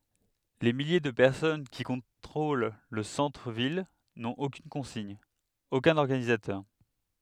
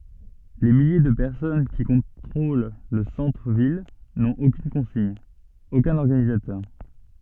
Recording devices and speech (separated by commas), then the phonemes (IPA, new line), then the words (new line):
headset microphone, soft in-ear microphone, read sentence
le milje də pɛʁsɔn ki kɔ̃tʁol lə sɑ̃tʁ vil nɔ̃t okyn kɔ̃siɲ okœ̃n ɔʁɡanizatœʁ
Les milliers de personnes qui contrôlent le centre ville n'ont aucune consigne, aucun organisateur.